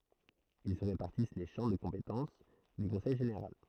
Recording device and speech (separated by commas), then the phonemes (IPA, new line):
throat microphone, read sentence
il sə ʁepaʁtis le ʃɑ̃ də kɔ̃petɑ̃s dy kɔ̃sɛj ʒeneʁal